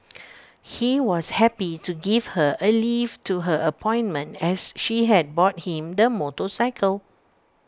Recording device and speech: standing microphone (AKG C214), read sentence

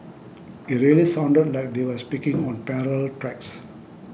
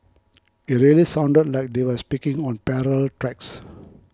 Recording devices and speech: boundary microphone (BM630), close-talking microphone (WH20), read sentence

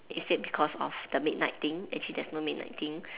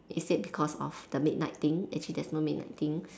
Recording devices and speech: telephone, standing microphone, conversation in separate rooms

